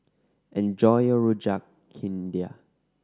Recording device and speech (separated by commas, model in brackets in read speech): standing microphone (AKG C214), read sentence